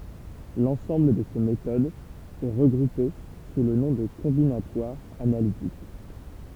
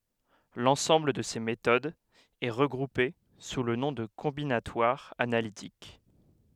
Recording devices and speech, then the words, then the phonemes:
temple vibration pickup, headset microphone, read sentence
L'ensemble de ces méthodes est regroupé sous le nom de combinatoire analytique.
lɑ̃sɑ̃bl də se metodz ɛ ʁəɡʁupe su lə nɔ̃ də kɔ̃binatwaʁ analitik

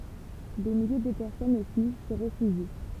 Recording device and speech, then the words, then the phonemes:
temple vibration pickup, read sentence
Des milliers de personnes aussi s'y réfugient.
de milje də pɛʁsɔnz osi si ʁefyʒi

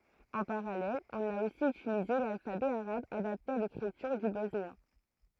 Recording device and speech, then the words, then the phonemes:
throat microphone, read sentence
En parallèle, on a aussi utilisé l’alphabet arabe adapté à l’écriture du bosnien.
ɑ̃ paʁalɛl ɔ̃n a osi ytilize lalfabɛ aʁab adapte a lekʁityʁ dy bɔsnjɛ̃

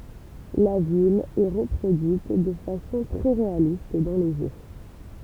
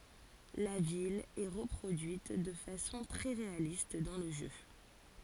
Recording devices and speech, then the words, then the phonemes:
temple vibration pickup, forehead accelerometer, read sentence
La ville est reproduite de façon très réaliste dans le jeu.
la vil ɛ ʁəpʁodyit də fasɔ̃ tʁɛ ʁealist dɑ̃ lə ʒø

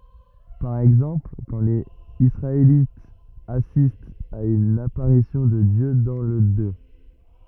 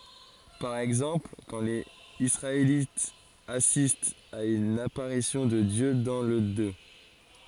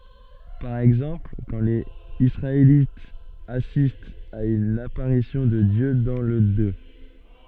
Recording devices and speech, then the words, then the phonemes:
rigid in-ear microphone, forehead accelerometer, soft in-ear microphone, read sentence
Par exemple, quand les Israélites assistent à une apparition de Dieu dans le Deut.
paʁ ɛɡzɑ̃pl kɑ̃ lez isʁaelitz asistt a yn apaʁisjɔ̃ də djø dɑ̃ lə dø

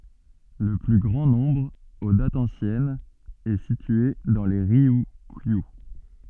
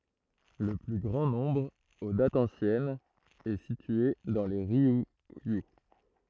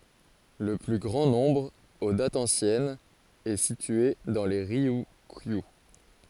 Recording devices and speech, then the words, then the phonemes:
soft in-ear microphone, throat microphone, forehead accelerometer, read sentence
Le plus grand nombre, aux dates anciennes, est situé dans les Ryukyu.
lə ply ɡʁɑ̃ nɔ̃bʁ o datz ɑ̃sjɛnz ɛ sitye dɑ̃ le ʁjykjy

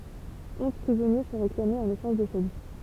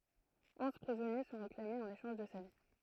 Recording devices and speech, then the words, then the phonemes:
temple vibration pickup, throat microphone, read sentence
Onze prisonniers sont réclamés en échange de sa vie.
ɔ̃z pʁizɔnje sɔ̃ ʁeklamez ɑ̃n eʃɑ̃ʒ də sa vi

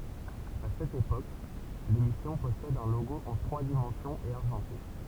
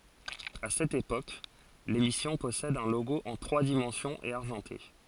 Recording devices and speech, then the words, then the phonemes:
temple vibration pickup, forehead accelerometer, read sentence
À cette époque, l'émission possède un logo en trois dimensions et argenté.
a sɛt epok lemisjɔ̃ pɔsɛd œ̃ loɡo ɑ̃ tʁwa dimɑ̃sjɔ̃z e aʁʒɑ̃te

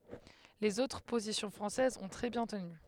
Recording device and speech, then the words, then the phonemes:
headset microphone, read sentence
Les autres positions françaises ont très bien tenu.
lez otʁ pozisjɔ̃ fʁɑ̃sɛzz ɔ̃ tʁɛ bjɛ̃ təny

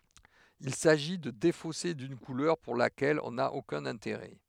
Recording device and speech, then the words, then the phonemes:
headset microphone, read sentence
Il s'agit de défausser d'une couleur pour laquelle on n'a aucun intérêt.
il saʒi də defose dyn kulœʁ puʁ lakɛl ɔ̃ na okœ̃n ɛ̃teʁɛ

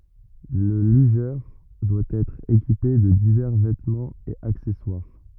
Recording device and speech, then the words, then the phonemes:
rigid in-ear microphone, read sentence
Le lugeur doit être équipé de divers vêtements et accessoires.
lə lyʒœʁ dwa ɛtʁ ekipe də divɛʁ vɛtmɑ̃z e aksɛswaʁ

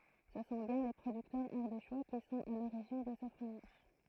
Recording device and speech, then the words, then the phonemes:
throat microphone, read sentence
Ce sont bien les producteurs ardéchois qui sont à l'origine de ce fromage.
sə sɔ̃ bjɛ̃ le pʁodyktœʁz aʁdeʃwa ki sɔ̃t a loʁiʒin də sə fʁomaʒ

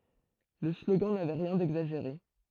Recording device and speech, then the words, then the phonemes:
throat microphone, read sentence
Le slogan n'avait rien d'exagéré.
lə sloɡɑ̃ navɛ ʁjɛ̃ dɛɡzaʒeʁe

